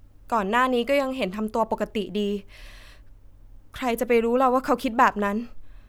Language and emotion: Thai, neutral